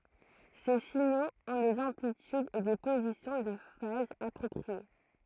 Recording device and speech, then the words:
throat microphone, read sentence
Ces signaux ont des amplitudes et des positions de phase appropriées.

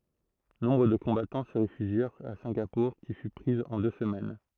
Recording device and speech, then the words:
throat microphone, read sentence
Nombre de combattants se réfugièrent à Singapour qui fut prise en deux semaines.

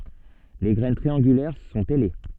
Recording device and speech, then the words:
soft in-ear microphone, read sentence
Les graines triangulaires sont ailées.

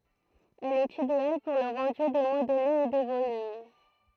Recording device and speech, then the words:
throat microphone, read sentence
Elle est idéale pour le rendu des modelés et des volumes.

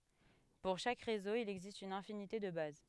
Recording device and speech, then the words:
headset microphone, read sentence
Pour chaque réseau, il existe une infinité de bases.

